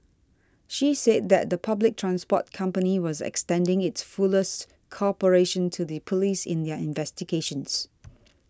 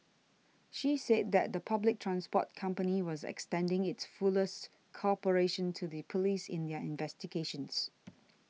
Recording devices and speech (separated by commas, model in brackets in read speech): standing microphone (AKG C214), mobile phone (iPhone 6), read sentence